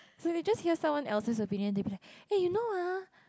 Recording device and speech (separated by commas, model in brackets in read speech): close-talking microphone, conversation in the same room